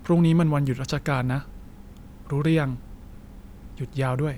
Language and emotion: Thai, neutral